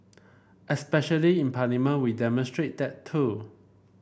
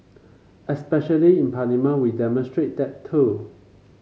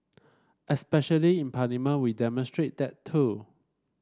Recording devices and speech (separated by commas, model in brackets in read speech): boundary microphone (BM630), mobile phone (Samsung C5), standing microphone (AKG C214), read sentence